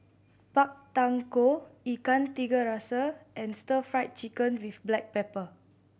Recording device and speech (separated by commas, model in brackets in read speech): boundary microphone (BM630), read sentence